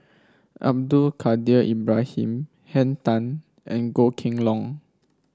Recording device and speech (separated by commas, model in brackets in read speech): standing microphone (AKG C214), read sentence